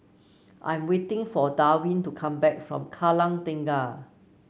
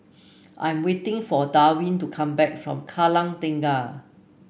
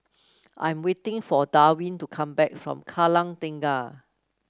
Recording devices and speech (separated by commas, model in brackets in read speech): mobile phone (Samsung C9), boundary microphone (BM630), close-talking microphone (WH30), read sentence